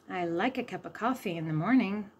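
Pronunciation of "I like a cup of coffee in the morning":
The sentence is said the way a native English speaker would say it, not slowly broken down, with the schwa sound in 'a cup of coffee'.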